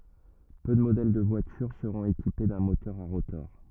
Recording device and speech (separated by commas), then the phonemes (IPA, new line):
rigid in-ear microphone, read sentence
pø də modɛl də vwatyʁ səʁɔ̃t ekipe dœ̃ motœʁ a ʁotɔʁ